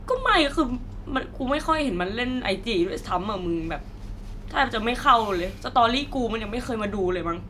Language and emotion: Thai, sad